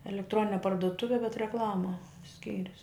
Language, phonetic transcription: Lithuanian, elekˈtronine parduˈtuve bet reˈklama ˈskyrius

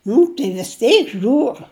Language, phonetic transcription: Lithuanian, ˈnu tai vis ˈteik ˈžiūr

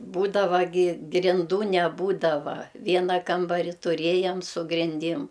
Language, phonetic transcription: Lithuanian, ˈbūdava gi grinˈdų neˈbūdava ˈviena ˈkambari tuˈrėjam su grinˈdim

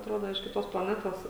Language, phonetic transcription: Lithuanian, atˈrodo iš kiˈtos plaˈnetos

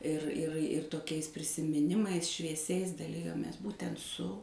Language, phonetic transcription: Lithuanian, ir ir ir toˈkiais prisimiˈnimais švieˈsiais daˈlijomės ˈbūtent su

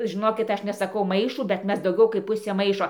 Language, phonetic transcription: Lithuanian, žiˈnokit ˈaš nesaˈkau ˈmaišų bet ˈmes dauˈgiau kaip ˈpusė ˈmaišo

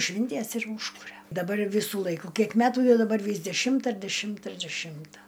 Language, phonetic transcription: Lithuanian, ˈšvinties ir ˈūžkuria daˈbar ˈvisų ˈlaiku ˈkiek ˈmetų daˈbar ˈvys deˈšimta ir deˈšimta ir deˈšimta

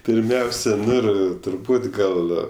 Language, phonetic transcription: Lithuanian, pirˈmiausia ˈnu ir turˈbūt ˈgal

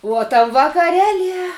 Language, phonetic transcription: Lithuanian, uo tam vakaˈrelie

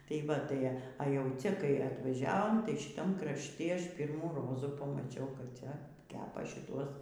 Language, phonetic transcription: Lithuanian, tai ˈva ˈtai a jau ˈcia kai atvaˈžiavom tai šiˈtam krašˈti ˈaš ˈpyrmų ˈrozų pamaˈčiau kap ˈcia ˈkepa šiˈtuos

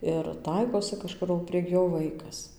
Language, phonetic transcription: Lithuanian, ir ˈtaikosi kaˈžkur o prieg ˈjo ˈvaikas

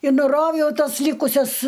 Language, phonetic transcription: Lithuanian, i nuˈrovjau ˈtas ˈlykusias

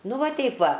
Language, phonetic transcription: Lithuanian, ˈnu ˈva ˈteip ˈva

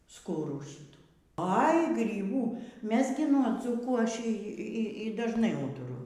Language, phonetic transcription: Lithuanian, ˈskurų ˈšytų ai gryˈbų ˈmes gi nuo ˈdzūkų aš ˈy ˈy dažˈnai ˈūturu

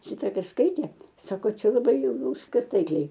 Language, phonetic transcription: Lithuanian, ˈšita ˈkas ˈskaitė ˈsako ˈčia laˈbai jau ˈjau ˈviskas ˈtaikliai

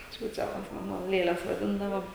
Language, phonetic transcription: Lithuanian, ˈčiūčelas ˈmano ˈlėles vaˈdindavo

